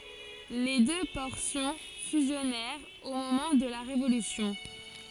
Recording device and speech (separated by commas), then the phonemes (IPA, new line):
forehead accelerometer, read sentence
le dø pɔʁsjɔ̃ fyzjɔnɛʁt o momɑ̃ də la ʁevolysjɔ̃